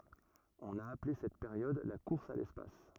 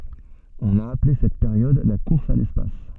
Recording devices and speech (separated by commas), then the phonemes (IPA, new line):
rigid in-ear microphone, soft in-ear microphone, read sentence
ɔ̃n a aple sɛt peʁjɔd la kuʁs a lɛspas